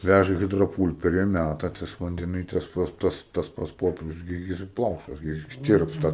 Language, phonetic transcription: Lithuanian, ˈvæža i ˌhidroˈpūlperi ˈmæta tas vandeˈny ˈtas ˈtas ˈtas pats ˈpoperius gi ˈjis ˈplaušas gi jis ˈtirpsta

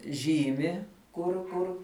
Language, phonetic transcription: Lithuanian, ˈžymi kur ˈkur

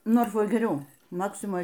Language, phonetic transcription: Lithuanian, ˈnorfoj geˈriau ˈmaksimoj

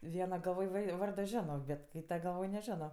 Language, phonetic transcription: Lithuanian, ˈviena galˈvoj ˈvai ˈvardo ˈženo bet ˈkyta galˈvoj neˈženo

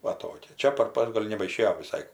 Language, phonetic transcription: Lithuanian, ˈva ˈtokia ˈčia par pas ˈgol' nebaiˈšėjo viˈsai

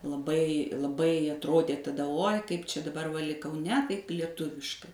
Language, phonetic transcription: Lithuanian, laˈbai laˈbai atˈrodė taˈda oj kaip ˈčia daˈbar va lig kauˈne ˈtaip lieˈtuviškai

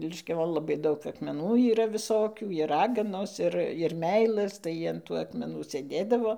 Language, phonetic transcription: Lithuanian, liškiaˈvon laˈbai ˈdaug akmeˈnų yˈra visoˈkių ir ˈraganos ˈir ir ˈmeilɘs tai an ˈtų akmeˈnų sėˈdėdavo

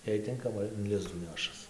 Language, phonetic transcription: Lithuanian, jei ˈtinkama in ˈlizdų ˈnešas

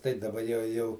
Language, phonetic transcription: Lithuanian, tai daˈba jau ˈjau

